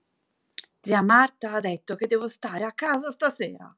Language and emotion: Italian, angry